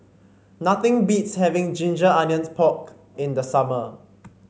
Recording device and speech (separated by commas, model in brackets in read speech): mobile phone (Samsung C5), read sentence